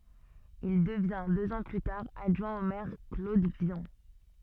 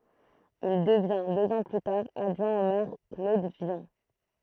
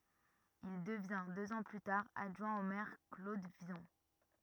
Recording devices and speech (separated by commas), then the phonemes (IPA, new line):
soft in-ear microphone, throat microphone, rigid in-ear microphone, read sentence
il dəvjɛ̃ døz ɑ̃ ply taʁ adʒwɛ̃ o mɛʁ klod vjɔ̃